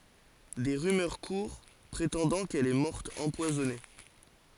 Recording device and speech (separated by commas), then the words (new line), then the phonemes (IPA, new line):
forehead accelerometer, read sentence
Des rumeurs courent, prétendant qu'elle est morte empoisonnée.
de ʁymœʁ kuʁ pʁetɑ̃dɑ̃ kɛl ɛ mɔʁt ɑ̃pwazɔne